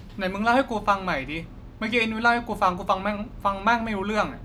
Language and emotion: Thai, angry